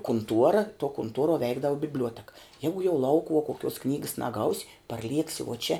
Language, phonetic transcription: Lithuanian, kunˈtuora tuo kunˈtuoruo ˈveikdava bibˈliuoteka ˈjegu jau ˈlaukuvuo koˈkiuos ˈknygas naˈgaus' parˈlieksi uo čia

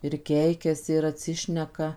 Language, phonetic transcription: Lithuanian, ir ˈkeikiasi ir atˈsišneka

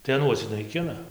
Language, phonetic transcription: Lithuanian, tai aˈnuos naiˈkina

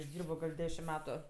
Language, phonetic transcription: Lithuanian, išˈdyrbo gal' ˈdešim ˈmetu

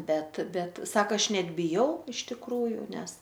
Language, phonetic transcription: Lithuanian, ˈbet ˈbet ˈsaka ˈaš ˈnet biˈjau iš tikˈrųju ˈnes

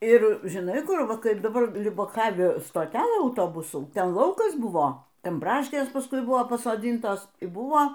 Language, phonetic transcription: Lithuanian, ir žiˈnai ˈkur ˈva ˈkaip daˈbar liubaˈkavi stoˈtelɘ auˈtobusų ˈten ˈlaukas ˈbuvo ˈten ˈbraškės paˈskui ˈbuvo pasoˈdintos y ˈbuo

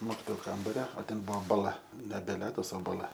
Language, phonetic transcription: Lithuanian, ˈmokitoju ˈkambario o ˈten ˈbuvo baˈla nebe ˈledas o baˈla

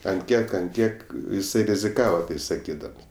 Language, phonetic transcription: Lithuanian, ant ˈkiek ant ˈkiek jiˈsai riziˈkava ˈtai saˈkydams

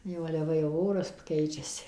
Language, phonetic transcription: Lithuanian, ˈjau ale ˈva jau ˈoras ˈkeičiasi

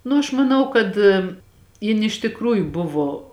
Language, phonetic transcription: Lithuanian, ˈnu aš maˈnau kad ˈjin iš tikˈrųju ˈbuvo

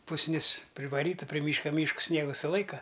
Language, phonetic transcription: Lithuanian, pusˈnis privaˈryta pri ˈmyška ˈmyškus ˈsniegu suˈlaika

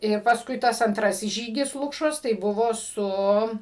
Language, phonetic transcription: Lithuanian, ˈir pasˈkui ˈtas anˈtrasis ˈžygis ˈlukšos tai ˈbuvo ˈsu

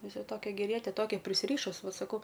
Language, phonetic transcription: Lithuanian, ˈvisa ˈtokia geˈriete ˈtokia prisˈryšus ˈva saˈkau

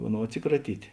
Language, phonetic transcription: Lithuanian, ˈaˌnou atˈsikraˌtyt'

